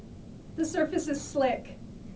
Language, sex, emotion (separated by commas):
English, female, fearful